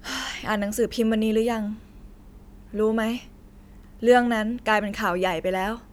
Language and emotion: Thai, frustrated